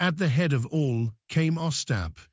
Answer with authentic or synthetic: synthetic